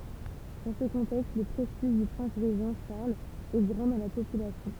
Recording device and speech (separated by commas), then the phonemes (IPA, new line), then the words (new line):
temple vibration pickup, read sentence
dɑ̃ sə kɔ̃tɛkst lə pʁɛstiʒ dy pʁɛ̃s ʁeʒɑ̃ ʃaʁl ɛ ɡʁɑ̃ dɑ̃ la popylasjɔ̃
Dans ce contexte, le prestige du prince régent Charles est grand dans la population.